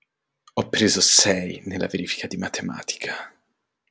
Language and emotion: Italian, disgusted